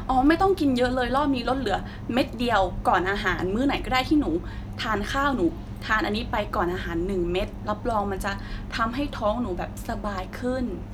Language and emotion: Thai, neutral